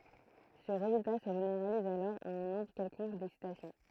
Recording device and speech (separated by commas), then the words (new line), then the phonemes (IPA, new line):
throat microphone, read sentence
Ce résultat se généralise alors à un nombre quelconque d'excitations.
sə ʁezylta sə ʒeneʁaliz alɔʁ a œ̃ nɔ̃bʁ kɛlkɔ̃k dɛksitasjɔ̃